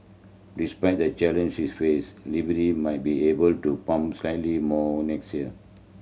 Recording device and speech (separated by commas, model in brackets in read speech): mobile phone (Samsung C7100), read sentence